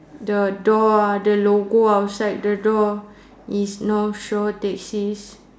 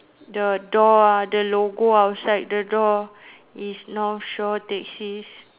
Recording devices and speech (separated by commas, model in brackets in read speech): standing microphone, telephone, conversation in separate rooms